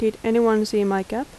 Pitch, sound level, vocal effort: 220 Hz, 82 dB SPL, soft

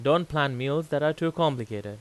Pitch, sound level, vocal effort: 145 Hz, 91 dB SPL, loud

